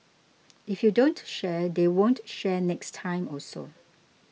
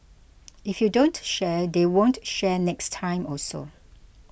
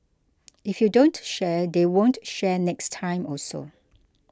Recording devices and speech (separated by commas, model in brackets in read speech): mobile phone (iPhone 6), boundary microphone (BM630), close-talking microphone (WH20), read sentence